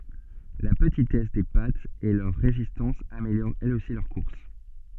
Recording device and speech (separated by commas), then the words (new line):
soft in-ear microphone, read sentence
La petitesse des pattes et leur résistance améliorent elles aussi leur course.